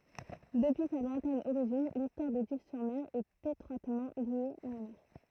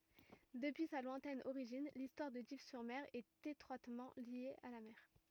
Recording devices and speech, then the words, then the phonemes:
throat microphone, rigid in-ear microphone, read sentence
Depuis sa lointaine origine, l’histoire de Dives-sur-Mer est étroitement liée à la mer.
dəpyi sa lwɛ̃tɛn oʁiʒin listwaʁ də div syʁ mɛʁ ɛt etʁwatmɑ̃ lje a la mɛʁ

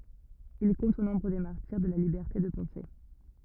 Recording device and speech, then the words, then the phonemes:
rigid in-ear microphone, read sentence
Il compte au nombre des martyrs de la liberté de penser.
il kɔ̃t o nɔ̃bʁ de maʁtiʁ də la libɛʁte də pɑ̃se

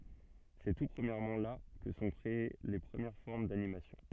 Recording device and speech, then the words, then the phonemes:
soft in-ear microphone, read sentence
C'est tout premièrement là que se sont créées les premières formes d'animation.
sɛ tu pʁəmjɛʁmɑ̃ la kə sə sɔ̃ kʁee le pʁəmjɛʁ fɔʁm danimasjɔ̃

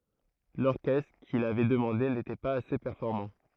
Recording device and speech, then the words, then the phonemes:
throat microphone, read sentence
L'orchestre qu'il avait demandé n'était pas assez performant.
lɔʁkɛstʁ kil avɛ dəmɑ̃de netɛ paz ase pɛʁfɔʁmɑ̃

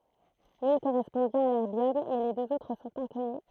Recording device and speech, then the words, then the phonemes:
throat microphone, read sentence
L'une correspond bien à l'erbium, mais les deux autres sont inconnues.
lyn koʁɛspɔ̃ bjɛ̃n a lɛʁbjɔm mɛ le døz otʁ sɔ̃t ɛ̃kɔny

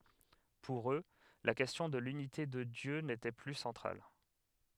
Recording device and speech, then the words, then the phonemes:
headset microphone, read sentence
Pour eux, la question de l'unité de Dieu n'était plus centrale.
puʁ ø la kɛstjɔ̃ də lynite də djø netɛ ply sɑ̃tʁal

